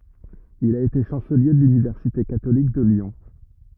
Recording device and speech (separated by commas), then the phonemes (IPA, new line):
rigid in-ear microphone, read sentence
il a ete ʃɑ̃səlje də lynivɛʁsite katolik də ljɔ̃